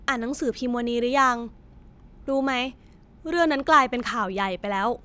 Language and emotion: Thai, frustrated